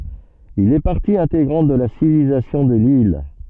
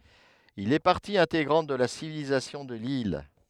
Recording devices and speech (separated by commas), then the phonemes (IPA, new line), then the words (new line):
soft in-ear microphone, headset microphone, read sentence
il ɛ paʁti ɛ̃teɡʁɑ̃t də la sivilizasjɔ̃ də lil
Il est partie intégrante de la civilisation de l'île.